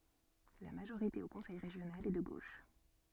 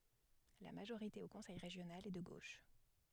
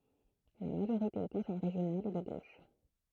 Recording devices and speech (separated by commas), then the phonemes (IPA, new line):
soft in-ear microphone, headset microphone, throat microphone, read sentence
la maʒoʁite o kɔ̃sɛj ʁeʒjonal ɛ də ɡoʃ